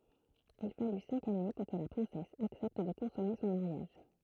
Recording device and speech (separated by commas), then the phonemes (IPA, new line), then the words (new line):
throat microphone, read sentence
il faly sɛ̃k ane puʁ kə la pʁɛ̃sɛs aksɛpt də kɔ̃sɔme sɔ̃ maʁjaʒ
Il fallut cinq années pour que la princesse accepte de consommer son mariage.